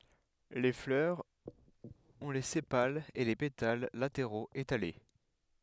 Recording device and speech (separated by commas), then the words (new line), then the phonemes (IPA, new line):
headset microphone, read sentence
Les fleurs ont les sépales et les pétales latéraux étalés.
le flœʁz ɔ̃ le sepalz e le petal lateʁoz etale